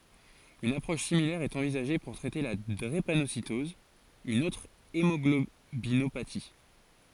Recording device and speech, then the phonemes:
forehead accelerometer, read sentence
yn apʁɔʃ similɛʁ ɛt ɑ̃vizaʒe puʁ tʁɛte la dʁepanositɔz yn otʁ emɔɡlobinopati

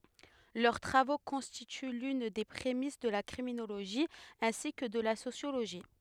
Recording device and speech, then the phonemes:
headset microphone, read sentence
lœʁ tʁavo kɔ̃stity lyn de pʁemis də la kʁiminoloʒi ɛ̃si kə də la sosjoloʒi

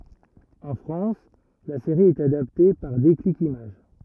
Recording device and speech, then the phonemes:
rigid in-ear microphone, read sentence
ɑ̃ fʁɑ̃s la seʁi ɛt adapte paʁ deklik imaʒ

